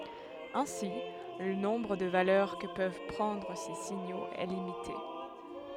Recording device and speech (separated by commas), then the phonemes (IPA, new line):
headset microphone, read sentence
ɛ̃si lə nɔ̃bʁ də valœʁ kə pøv pʁɑ̃dʁ se siɲoz ɛ limite